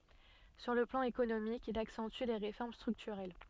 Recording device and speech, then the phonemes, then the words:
soft in-ear microphone, read sentence
syʁ lə plɑ̃ ekonomik il aksɑ̃ty le ʁefɔʁm stʁyktyʁɛl
Sur le plan économique, il accentue les réformes structurelles.

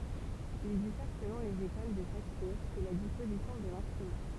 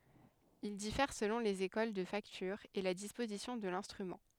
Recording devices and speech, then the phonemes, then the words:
temple vibration pickup, headset microphone, read sentence
il difɛʁ səlɔ̃ lez ekol də faktyʁ e la dispozisjɔ̃ də lɛ̃stʁymɑ̃
Il diffère selon les écoles de facture et la disposition de l'instrument.

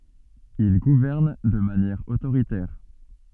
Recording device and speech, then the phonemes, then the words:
soft in-ear microphone, read sentence
il ɡuvɛʁn də manjɛʁ otoʁitɛʁ
Il gouverne de manière autoritaire.

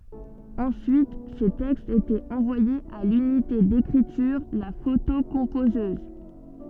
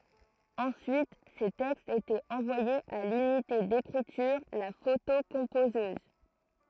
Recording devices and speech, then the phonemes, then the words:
soft in-ear microphone, throat microphone, read sentence
ɑ̃syit se tɛkstz etɛt ɑ̃vwajez a lynite dekʁityʁ la fotokɔ̃pozøz
Ensuite, ces textes étaient envoyés à l'unité d'écriture, la photocomposeuse.

